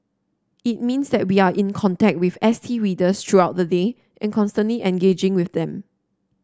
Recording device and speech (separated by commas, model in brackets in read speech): standing microphone (AKG C214), read sentence